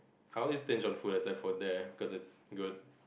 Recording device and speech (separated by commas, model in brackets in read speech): boundary microphone, conversation in the same room